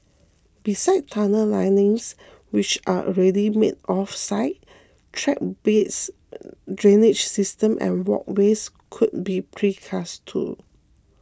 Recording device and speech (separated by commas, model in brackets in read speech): close-talking microphone (WH20), read sentence